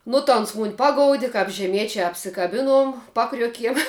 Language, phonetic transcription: Lithuanian, nu ta ˈons mun' ˈpagoudi kap žeˈmiečia apsikaˈbinuom ˈpakriuokiem

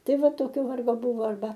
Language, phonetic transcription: Lithuanian, ˈtai ˈva ˈtokio ˈvargo ˈbuvo arˈba

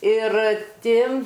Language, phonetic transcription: Lithuanian, ir ˈti

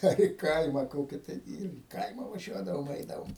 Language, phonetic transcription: Lithuanian, ˈar i ˈkaima ˈkoki ˈtai ir į ˈkaima vaˈžiuodavom ˈeidavom

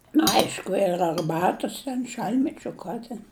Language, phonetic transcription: Lithuanian, nu ˈaišku ir arˈbatus ten ˈšal'tmečiu ˈka ten

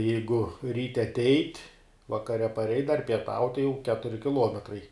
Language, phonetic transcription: Lithuanian, ˈjeigu ˈryte aˈteit' vakaˈre paˈreit' dar pieˈtaut' jau ˈketuri kiˈluometrai

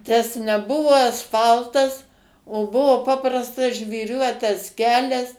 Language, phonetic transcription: Lithuanian, tas neˈbuvo asˈfaltas o ˈbuvo ˈpaprastas žvyˈriuotas ˈkelias

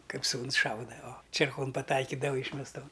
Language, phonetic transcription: Lithuanian, ˈkaip ˈsūns ˈšauda o čėrˈkon paˈtaikydava yšmesˈton

